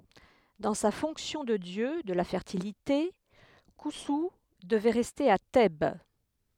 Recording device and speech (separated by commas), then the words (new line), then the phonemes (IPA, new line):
headset microphone, read sentence
Dans sa fonction de dieu de la Fertilité, Khonsou devait rester à Thèbes.
dɑ̃ sa fɔ̃ksjɔ̃ də djø də la fɛʁtilite kɔ̃su dəvɛ ʁɛste a tɛb